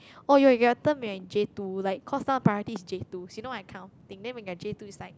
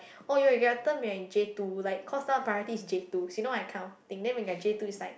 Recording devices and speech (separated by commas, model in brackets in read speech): close-talking microphone, boundary microphone, conversation in the same room